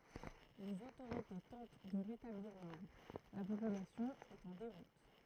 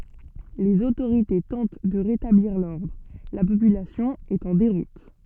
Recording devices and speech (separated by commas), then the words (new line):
throat microphone, soft in-ear microphone, read sentence
Les autorités tentent de rétablir l'ordre, la population est en déroute.